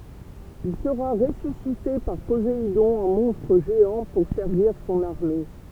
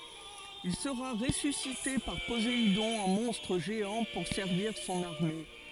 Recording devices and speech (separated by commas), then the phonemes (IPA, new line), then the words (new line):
temple vibration pickup, forehead accelerometer, read sentence
il səʁa ʁesysite paʁ pozeidɔ̃ ɑ̃ mɔ̃stʁ ʒeɑ̃ puʁ sɛʁviʁ sɔ̃n aʁme
Il sera ressuscité par Poséidon en monstre géant pour servir son armée.